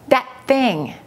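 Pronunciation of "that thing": In 'that thing', the t at the end of 'that' is held before the consonant that starts 'thing', not skipped completely.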